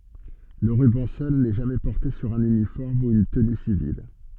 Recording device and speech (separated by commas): soft in-ear microphone, read sentence